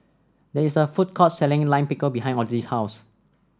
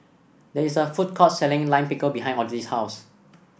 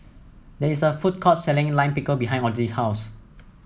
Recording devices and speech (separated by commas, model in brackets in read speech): standing microphone (AKG C214), boundary microphone (BM630), mobile phone (iPhone 7), read sentence